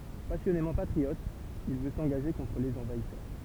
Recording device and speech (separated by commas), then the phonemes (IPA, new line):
temple vibration pickup, read sentence
pasjɔnemɑ̃ patʁiɔt il vø sɑ̃ɡaʒe kɔ̃tʁ lez ɑ̃vaisœʁ